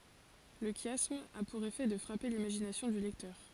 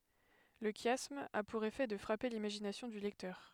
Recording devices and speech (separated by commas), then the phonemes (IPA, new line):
forehead accelerometer, headset microphone, read sentence
lə ʃjasm a puʁ efɛ də fʁape limaʒinasjɔ̃ dy lɛktœʁ